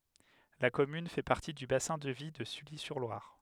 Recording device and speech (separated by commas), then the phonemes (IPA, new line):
headset microphone, read sentence
la kɔmyn fɛ paʁti dy basɛ̃ də vi də sylizyʁlwaʁ